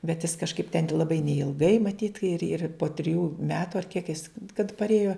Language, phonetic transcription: Lithuanian, bet jis kažˈkaip ten laˈbai neilˈgai maˈtyt ir ir po triˈjų ˈmetu ar kiek jis kad parˈėjo

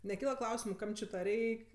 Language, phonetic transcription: Lithuanian, neˈkyla ˈklausimu ˈkam či ta ˈreik'

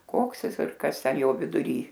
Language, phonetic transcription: Lithuanian, ˈkoks ˈjis ir ˈkas ˈten ˈjo viduˈry

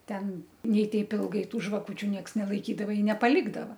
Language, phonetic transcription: Lithuanian, ˈten ˈnei ˈteip ˈilgai ˈtų žvaˈkučiu ˈnieks nelaikydava i nepaˈlikdava

